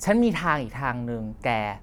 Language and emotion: Thai, neutral